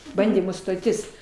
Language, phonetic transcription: Lithuanian, ˈbandymų stoˈtis

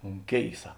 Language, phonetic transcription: Lithuanian, un ˈkėisa

